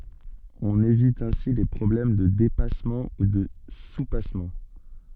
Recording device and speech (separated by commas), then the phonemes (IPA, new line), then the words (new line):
soft in-ear microphone, read sentence
ɔ̃n evit ɛ̃si le pʁɔblɛm də depasmɑ̃ u də supasmɑ̃
On évite ainsi les problèmes de dépassement ou de soupassement.